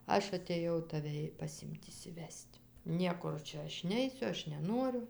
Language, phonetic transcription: Lithuanian, ˈaš atėˈjau taˈve i paˈsim't' išsiˈves't' ˈniekur ˈčia ˈaš ˈneisiu ˈaš neˈnuoriu

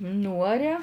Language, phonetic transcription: Lithuanian, ˈnūaria

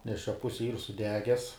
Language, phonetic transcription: Lithuanian, nes čia ˈpusi yr suˈdeges

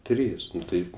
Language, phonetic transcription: Lithuanian, ˈtrys ˈnu ˈtaip

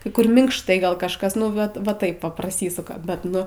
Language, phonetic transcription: Lithuanian, kai ˈkur minkšˈtai ˈgal ˈkažkas ˈnu vat va ˈtaip va praˈsysuka bet ˈnu

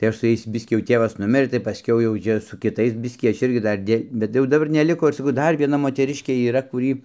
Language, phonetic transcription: Lithuanian, tai ˈaš su ˈjais ˈbiskį jau ˈtėvas ˈnumirɘ tai paˈskiau jau ˈčia su kiˈtais ˈbiskį ˈaš ˈirgi ˈdar dė bet jau daˈbar neˈliko ir saˈkau ˈdar vieˈna moteˈriškė yˈra kuˈry

